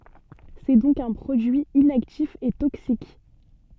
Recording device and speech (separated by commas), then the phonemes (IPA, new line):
soft in-ear microphone, read sentence
sɛ dɔ̃k œ̃ pʁodyi inaktif e toksik